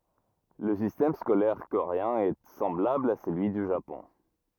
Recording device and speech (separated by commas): rigid in-ear microphone, read sentence